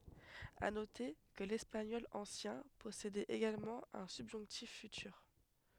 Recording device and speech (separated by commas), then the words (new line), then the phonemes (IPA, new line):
headset microphone, read sentence
À noter que l'espagnol ancien possédait également un subjonctif futur.
a note kə lɛspaɲɔl ɑ̃sjɛ̃ pɔsedɛt eɡalmɑ̃ œ̃ sybʒɔ̃ktif fytyʁ